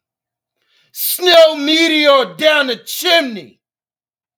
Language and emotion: English, disgusted